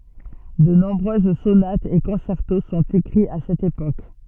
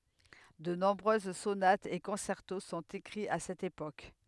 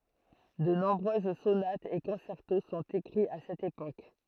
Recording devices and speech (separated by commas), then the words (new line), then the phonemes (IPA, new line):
soft in-ear microphone, headset microphone, throat microphone, read sentence
De nombreuses sonates et concertos sont écrits à cette époque.
də nɔ̃bʁøz sonatz e kɔ̃sɛʁto sɔ̃t ekʁiz a sɛt epok